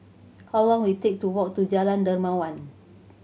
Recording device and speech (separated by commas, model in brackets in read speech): mobile phone (Samsung C7100), read sentence